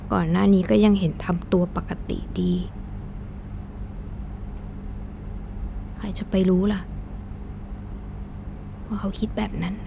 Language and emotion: Thai, sad